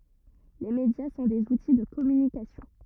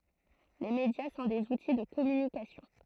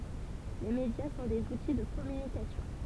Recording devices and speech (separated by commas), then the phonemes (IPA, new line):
rigid in-ear microphone, throat microphone, temple vibration pickup, read sentence
le medja sɔ̃ dez uti də kɔmynikasjɔ̃